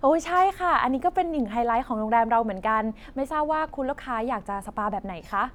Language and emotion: Thai, happy